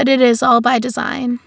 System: none